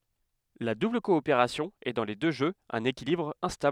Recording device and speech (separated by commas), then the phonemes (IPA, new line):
headset microphone, read sentence
la dubl kɔopeʁasjɔ̃ ɛ dɑ̃ le dø ʒøz œ̃n ekilibʁ ɛ̃stabl